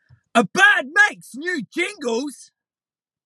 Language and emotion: English, disgusted